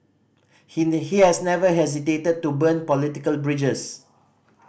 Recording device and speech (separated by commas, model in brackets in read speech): boundary microphone (BM630), read sentence